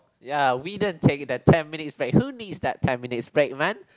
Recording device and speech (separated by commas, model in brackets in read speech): close-talking microphone, conversation in the same room